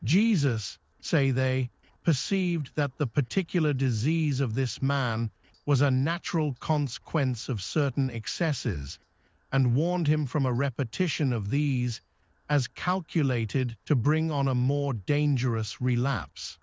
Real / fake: fake